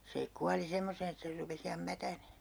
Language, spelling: Finnish, se kuoli semmoiseen että sen rupesi ihan mätänemään
- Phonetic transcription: se 'kuali 'semmoseen ‿että ser 'rupe's ‿iham "mätänee .

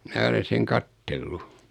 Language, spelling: Finnish, minä olen sen katsellut
- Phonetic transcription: 'mä olen̬ seŋ 'kattellu .

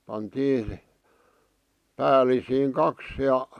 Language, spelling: Finnish, pantiin päällisiin kaksi ja
- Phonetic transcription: pantii , 'päälisiiŋ "kaks ja ,.

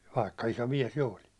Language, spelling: Finnish, vaikka iso mies jo olin
- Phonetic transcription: vaikka iso "miɛs 'jo olin .

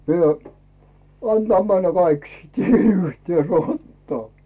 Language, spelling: Finnish, minä antaa mennä kaikki sitten yhtä rataa
- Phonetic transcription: mie , 'antaa männä "kaik siit 'yhtiè 'rattᵒaa !

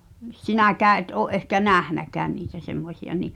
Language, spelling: Finnish, sinäkään et ole ehkä nähnytkään niitä semmoisia niin
- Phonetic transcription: 'sinäkää’ ’et ’oo’ ’ehkä "nähnäkään niitä 'semmośi₍a ni ,.

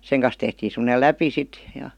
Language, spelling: Finnish, sen kanssa tehtiin semmoinen läpi sitten ja
- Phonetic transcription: 'seŋ kan̬s tehtiin̬ sem̀°nel "läpi 'sit , jA .

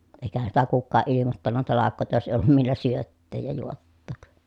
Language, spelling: Finnish, eikähän sitä kukaan ilmoittanut talkoita jos ei ollut millä syöttää ja juottaa
- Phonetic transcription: èi̮kähän sitä kukkaaʼ ʼilimottanna talakkòi̮ta jos èi ollum millä syötteej ja juottòk .

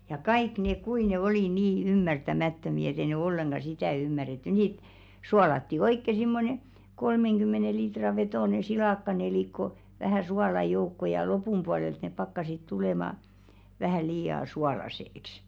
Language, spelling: Finnish, ja kaikki ne kuinka ne oli niin ymmärtämättömiä että ei ne ollenkaan sitä ymmärretty niitä suolattiin oikein semmoinen kolmenkymmenen litran vetoinen silakkanelikko vähän suolaa joukkoon ja lopun puolelta ne pakkasivat tulemaan vähän liian suolaiseksi
- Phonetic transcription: ja 'kaik nèk 'kui ne oli 'nii "ymmärtä'mä̀ttömi et ‿e ne 'olleŋɢa 'sitä̀ ymmäretty 'nit , 'sualatti "oikke simmone , 'kolmeŋɢymmene litra vetòne 'silàkkanelìkko , vähä̀ 'suala "joukko ja "lopum pualelt nep pakkasit 'tulèma , vähä̀ 'lii₍a "sualase₍ĕks .

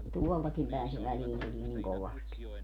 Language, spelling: Finnish, tuoltakin päin se väliin tulee niin kovasti
- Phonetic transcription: 'tuoltakim pä̀en se 'väliin tulii niŋ 'kovasti .

